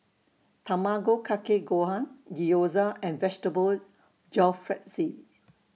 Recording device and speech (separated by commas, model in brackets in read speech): mobile phone (iPhone 6), read sentence